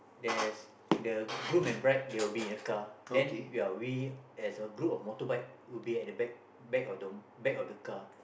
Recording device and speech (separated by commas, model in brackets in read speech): boundary microphone, conversation in the same room